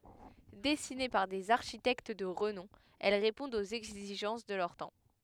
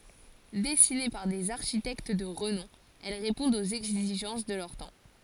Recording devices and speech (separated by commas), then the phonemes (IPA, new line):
headset microphone, forehead accelerometer, read sentence
dɛsine paʁ dez aʁʃitɛkt də ʁənɔ̃ ɛl ʁepɔ̃dt oz ɛɡziʒɑ̃s də lœʁ tɑ̃